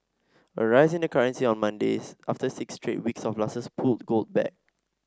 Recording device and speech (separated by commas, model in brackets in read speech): standing microphone (AKG C214), read sentence